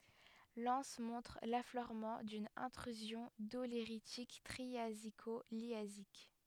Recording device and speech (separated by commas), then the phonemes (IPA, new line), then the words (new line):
headset microphone, read sentence
lɑ̃s mɔ̃tʁ lafløʁmɑ̃ dyn ɛ̃tʁyzjɔ̃ doleʁitik tʁiaziko ljazik
L'anse montre l'affleurement d'une Intrusion doléritique triasico-liasique.